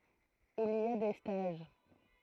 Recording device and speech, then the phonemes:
throat microphone, read sentence
il i a de staʒ

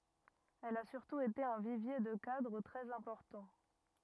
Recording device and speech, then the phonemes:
rigid in-ear microphone, read sentence
ɛl a syʁtu ete œ̃ vivje də kadʁ tʁɛz ɛ̃pɔʁtɑ̃

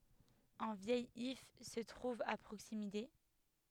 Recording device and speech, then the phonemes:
headset microphone, read sentence
œ̃ vjɛj if sə tʁuv a pʁoksimite

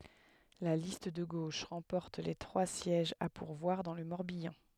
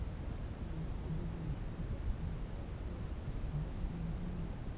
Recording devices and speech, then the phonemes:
headset microphone, temple vibration pickup, read sentence
la list də ɡoʃ ʁɑ̃pɔʁt le tʁwa sjɛʒz a puʁvwaʁ dɑ̃ lə mɔʁbjɑ̃

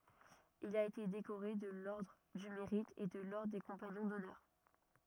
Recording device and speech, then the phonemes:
rigid in-ear microphone, read sentence
il a ete dekoʁe də lɔʁdʁ dy meʁit e də lɔʁdʁ de kɔ̃paɲɔ̃ dɔnœʁ

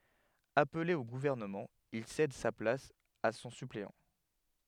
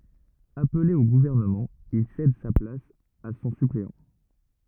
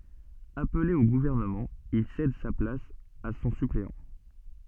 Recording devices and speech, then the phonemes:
headset microphone, rigid in-ear microphone, soft in-ear microphone, read sentence
aple o ɡuvɛʁnəmɑ̃ il sɛd sa plas a sɔ̃ sypleɑ̃

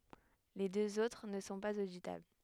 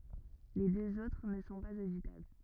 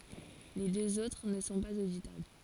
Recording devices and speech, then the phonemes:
headset microphone, rigid in-ear microphone, forehead accelerometer, read sentence
le døz otʁ nə sɔ̃ paz oditabl

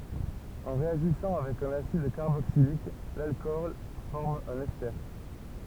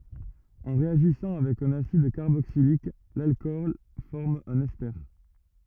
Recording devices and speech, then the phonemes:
temple vibration pickup, rigid in-ear microphone, read sentence
ɑ̃ ʁeaʒisɑ̃ avɛk œ̃n asid kaʁboksilik lalkɔl fɔʁm œ̃n ɛste

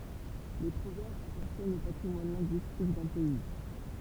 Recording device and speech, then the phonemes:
temple vibration pickup, read sentence
le pʁovɛʁbz apaʁtjɛnt o patʁimwan lɛ̃ɡyistik dœ̃ pɛi

